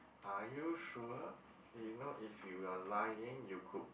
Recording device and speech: boundary microphone, conversation in the same room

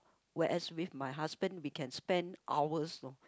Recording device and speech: close-talking microphone, conversation in the same room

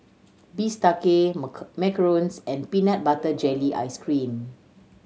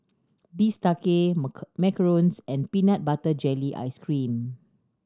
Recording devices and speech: mobile phone (Samsung C7100), standing microphone (AKG C214), read sentence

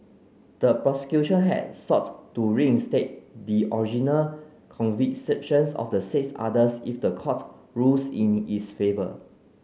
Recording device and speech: mobile phone (Samsung C9), read sentence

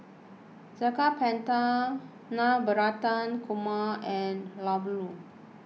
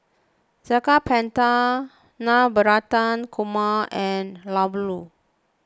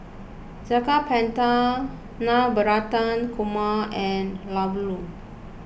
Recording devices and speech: mobile phone (iPhone 6), close-talking microphone (WH20), boundary microphone (BM630), read sentence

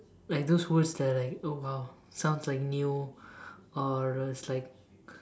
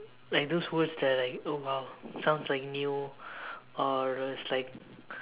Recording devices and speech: standing microphone, telephone, conversation in separate rooms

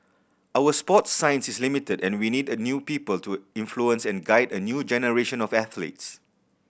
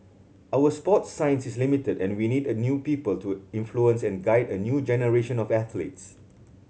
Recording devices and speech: boundary microphone (BM630), mobile phone (Samsung C7100), read sentence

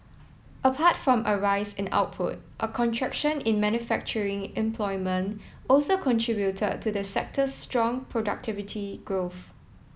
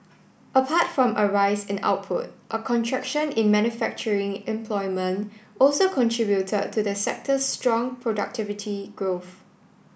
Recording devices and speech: mobile phone (iPhone 7), boundary microphone (BM630), read sentence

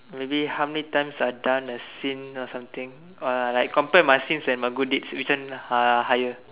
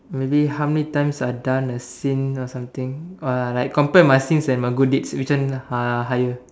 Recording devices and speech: telephone, standing microphone, conversation in separate rooms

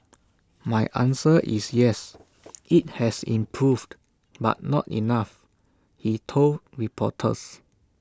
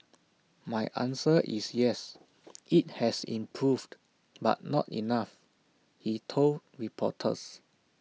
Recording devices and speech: standing microphone (AKG C214), mobile phone (iPhone 6), read sentence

